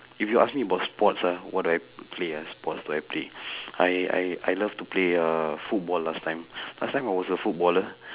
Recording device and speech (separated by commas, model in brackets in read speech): telephone, conversation in separate rooms